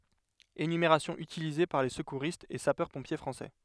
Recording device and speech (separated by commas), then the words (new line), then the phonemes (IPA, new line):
headset microphone, read sentence
Énumération utilisée par les secouristes et sapeurs-pompiers français.
enymeʁasjɔ̃ ytilize paʁ le səkuʁistz e sapœʁspɔ̃pje fʁɑ̃sɛ